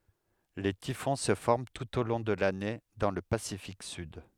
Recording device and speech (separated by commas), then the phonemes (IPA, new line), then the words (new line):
headset microphone, read sentence
le tifɔ̃ sə fɔʁm tut o lɔ̃ də lane dɑ̃ lə pasifik syd
Les typhons se forment tout au long de l'année dans le Pacifique sud.